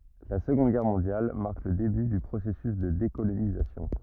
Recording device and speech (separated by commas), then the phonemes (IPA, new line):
rigid in-ear microphone, read sentence
la səɡɔ̃d ɡɛʁ mɔ̃djal maʁk lə deby dy pʁosɛsys də dekolonizasjɔ̃